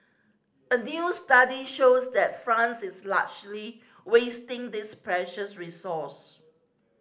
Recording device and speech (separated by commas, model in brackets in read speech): standing microphone (AKG C214), read sentence